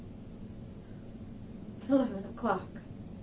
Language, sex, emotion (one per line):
English
female
neutral